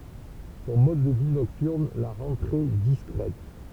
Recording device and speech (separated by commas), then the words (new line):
temple vibration pickup, read sentence
Son mode de vie nocturne la rend très discrète.